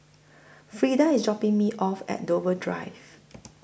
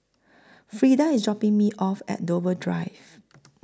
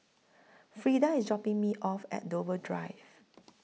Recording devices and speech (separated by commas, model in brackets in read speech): boundary microphone (BM630), close-talking microphone (WH20), mobile phone (iPhone 6), read sentence